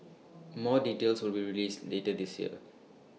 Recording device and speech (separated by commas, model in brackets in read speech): mobile phone (iPhone 6), read sentence